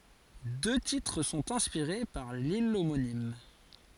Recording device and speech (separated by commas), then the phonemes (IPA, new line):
forehead accelerometer, read sentence
dø titʁ sɔ̃t ɛ̃spiʁe paʁ lil omonim